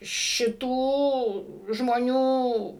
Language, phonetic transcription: Lithuanian, šiˈtų žmoˈnių

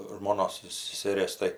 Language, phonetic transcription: Lithuanian, žmoˈnos seseˈrės tai

